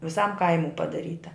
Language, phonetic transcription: Lithuanian, viˈsam ˈkaimu padaˈryta

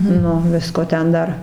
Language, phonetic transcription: Lithuanian, ˈnu ˈvisko ˈten ˈdar

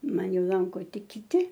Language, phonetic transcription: Lithuanian, ˈman ˈjau ˈlanko ˈtik kiˈti

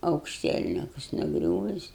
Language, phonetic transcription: Lithuanian, aukšˈtielnikus nuˈgriūvis

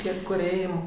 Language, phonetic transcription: Lithuanian, ˈtie ˈkur ˈėjau

